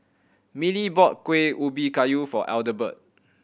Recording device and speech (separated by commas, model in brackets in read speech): boundary microphone (BM630), read sentence